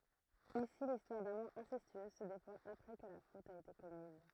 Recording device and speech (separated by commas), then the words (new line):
throat microphone, read sentence
Ici l'histoire d'amour incestueuse se déploie après que la faute a été commise.